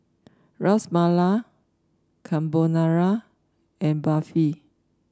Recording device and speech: standing microphone (AKG C214), read sentence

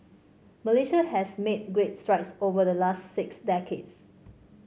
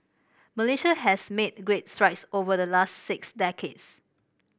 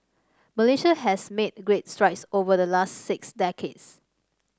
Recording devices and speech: mobile phone (Samsung C5), boundary microphone (BM630), standing microphone (AKG C214), read sentence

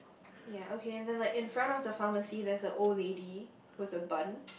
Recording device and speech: boundary microphone, conversation in the same room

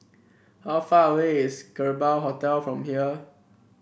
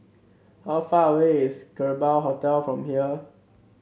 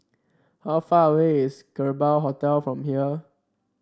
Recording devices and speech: boundary microphone (BM630), mobile phone (Samsung C7), standing microphone (AKG C214), read sentence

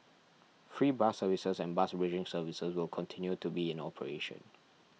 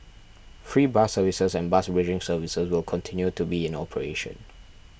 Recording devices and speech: mobile phone (iPhone 6), boundary microphone (BM630), read sentence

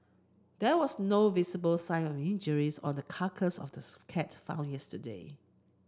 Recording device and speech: close-talking microphone (WH30), read sentence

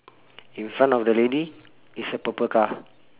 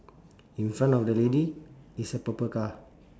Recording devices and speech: telephone, standing microphone, conversation in separate rooms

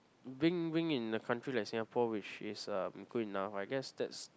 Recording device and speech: close-talking microphone, conversation in the same room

